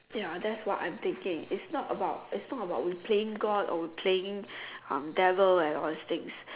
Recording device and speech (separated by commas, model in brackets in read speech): telephone, conversation in separate rooms